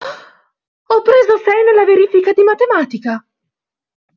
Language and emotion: Italian, surprised